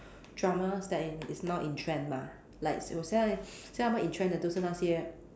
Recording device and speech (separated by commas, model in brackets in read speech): standing microphone, conversation in separate rooms